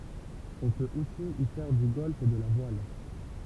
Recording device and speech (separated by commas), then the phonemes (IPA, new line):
temple vibration pickup, read sentence
ɔ̃ pøt osi i fɛʁ dy ɡɔlf e də la vwal